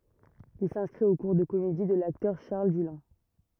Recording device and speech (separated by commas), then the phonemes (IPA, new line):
rigid in-ear microphone, read sentence
il sɛ̃skʁit o kuʁ də komedi də laktœʁ ʃaʁl dylɛ̃